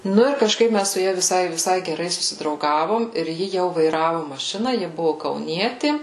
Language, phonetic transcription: Lithuanian, ˈnu ir kažˈkaip ˈmæs su ˈja viˈsai viˈsai geˈrai susidrauˈgavom irˈ ji jau vaiˈravu maˈšina ˈji ˈbuvu kauˈnieti

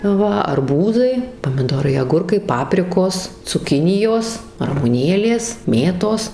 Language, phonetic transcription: Lithuanian, ˈva arˈbūzai pamiˈdorai aˈgurkai ˈpaprikos cuˈkinijos ramuˈnėlės ˈmėtos

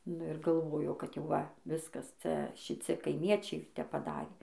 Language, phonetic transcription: Lithuanian, nu ir galˈvojo kad jau ˈva ˈviskas ˈcia šiˈci kaiˈmiečiai ˈtep paˈdarė

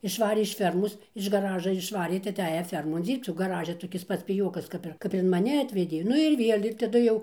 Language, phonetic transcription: Lithuanian, išˈvarė iš ˈfermos iš gaˈraža išˈvarė tai aˈteja ˈfermon ˈdzyrbc o gaˈraže toˈkis ˈpats piˈjokas ˈkap ir ˈkap ir in maˈni ˈatvedė ˈnu ir ˈviel' ir taˈdu jau

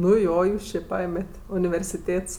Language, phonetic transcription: Lithuanian, nu ˈjo ˈjūs či ˈpaėmet' universiˈtėts

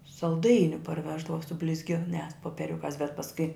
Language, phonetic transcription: Lithuanian, salˈdainiu parˈveždava su blizˈginiās popieˈriukās bet pasˈkui

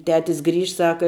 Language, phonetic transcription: Lithuanian, ˈtetis ˈgrįžt ˈsaka

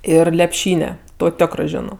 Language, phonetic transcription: Lithuanian, ˈir lepˈšyne ˈto ˈtiokrɜ ˈženo

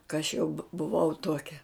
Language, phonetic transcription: Lithuanian, ka aš jau bu buˈvau ˈtuokia

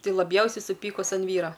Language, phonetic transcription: Lithuanian, ˈtai laˈbjausiai suˈpykus an ˈvyro

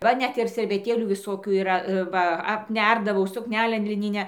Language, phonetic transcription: Lithuanian, ˈva ˈnet ir serveˈtėlių viˈsokių yˈra ˈva apˈnerdavau sukˈnelen liˈninę

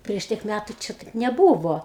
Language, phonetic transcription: Lithuanian, prieš ˈtiek ˈmætu ˈči taip neˈbūvo

